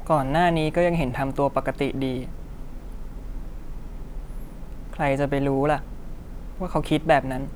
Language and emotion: Thai, sad